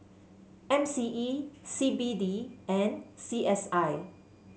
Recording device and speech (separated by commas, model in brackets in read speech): mobile phone (Samsung C7), read sentence